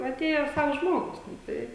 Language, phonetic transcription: Lithuanian, aˈtėja ˈsavs ˈžmogus nu ˈtai

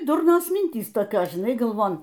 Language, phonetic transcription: Lithuanian, ˈdurnos ˈmintys toˈkios žiˈnai galˈvon

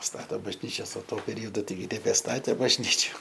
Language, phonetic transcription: Lithuanian, ˈstato bažˈnyčias o ˈtuo peˈrijodu ˈtaigi nebeˈstatė bažˈnyčiu

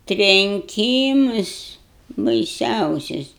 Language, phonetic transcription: Lithuanian, trenˈkymus baiˈsiausius

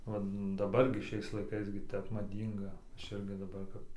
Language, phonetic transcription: Lithuanian, ˈva daˈbar gi ˈšiais laiˈkais gi ˈtep maˈdynga ˈaš ˈirgi daˈbar kap

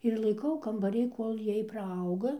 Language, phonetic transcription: Lithuanian, ir laiˈkau kambaˈry ˈkol' ˈjiej praˈauga

